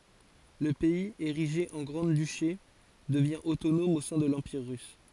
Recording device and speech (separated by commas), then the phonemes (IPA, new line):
forehead accelerometer, read sentence
lə pɛiz eʁiʒe ɑ̃ ɡʁɑ̃dyʃe dəvjɛ̃ otonɔm o sɛ̃ də lɑ̃piʁ ʁys